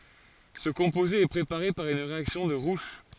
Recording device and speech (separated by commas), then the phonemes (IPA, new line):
forehead accelerometer, read sentence
sə kɔ̃poze ɛ pʁepaʁe paʁ yn ʁeaksjɔ̃ də ʁuʃ